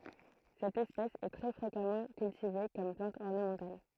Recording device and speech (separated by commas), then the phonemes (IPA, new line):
throat microphone, read sentence
sɛt ɛspɛs ɛ tʁɛ fʁekamɑ̃ kyltive kɔm plɑ̃t ɔʁnəmɑ̃tal